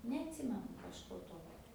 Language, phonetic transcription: Lithuanian, neatˈsimenu kažˈko ˈtokio

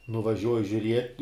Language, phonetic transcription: Lithuanian, nuvaˈžiuoji žiuˈriet'

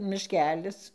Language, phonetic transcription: Lithuanian, mišˈkelis

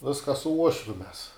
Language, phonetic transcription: Lithuanian, ˈviska su ˈuošviu mes

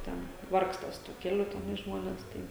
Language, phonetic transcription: Lithuanian, ˈten ˈvargsta su tuo ˈkeliu teˈnai ˈžmones ˈtai

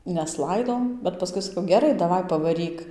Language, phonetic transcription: Lithuanian, neˈslaido bet paˈskui saˈkau geˈrai daˈvai pavaˈryk

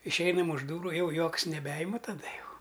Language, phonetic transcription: Lithuanian, išˈeinam už ˈdūru ˈjau ˈjuoks neˈbeima taˈda ˈjau

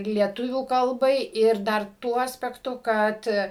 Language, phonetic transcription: Lithuanian, lieˈtuvių kalˈbai ir dar ˈtuo aspekˈtu ˈkad

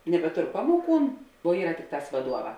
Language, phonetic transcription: Lithuanian, nebeˈtor ˈpamoˌkūn o ˈyra ˈtikˌtās vaˈduoˌvā

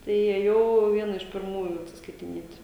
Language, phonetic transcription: Lithuanian, ˈtai įėˈjau ˈviena iš pirˈmųju atsiskaitiˈniet'

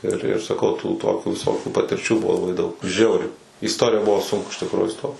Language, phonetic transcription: Lithuanian, ir ir saˈkau tų ˈtokių viˈsokių patirˈčių ˈbuvo laˈbai daug ˈžiauriai į isˈtorija ˈbuvo ˈsunku iš tikˈrųju iˈstot

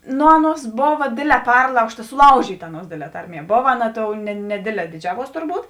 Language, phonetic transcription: Lithuanian, ˈnu ˈaˌnuos ˈbova ˈdėdˌlē ˈperlaužta suˈlaužyta ˈaˌnuos ˈdėdˌlē ˈtarˌmie ˈbova ˈaˌna ˈtou ne neˈdėdˌlē diˈdžiavuos turˈbūt

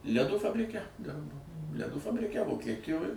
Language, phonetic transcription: Lithuanian, leˈdų fabriˈke ˈdirbo leˈdų fabriˈke vokieˈtijoj

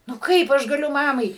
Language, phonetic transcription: Lithuanian, nu ˈkaip aš gaˈliu ˈmamai

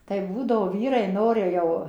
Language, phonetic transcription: Lithuanian, tai ˈbūdavo ˈvyrai ˈnori jau

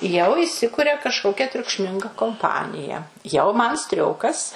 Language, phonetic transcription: Lithuanian, jau iˈsikuria kažˈkokia triukšˈminga komˈpanija jau ˈman ˈstriokas

